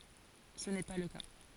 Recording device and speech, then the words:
forehead accelerometer, read sentence
Ce n’est pas le cas.

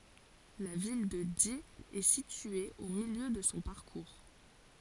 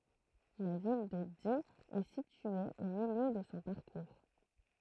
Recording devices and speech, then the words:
forehead accelerometer, throat microphone, read sentence
La ville de Die est située au milieu de son parcours.

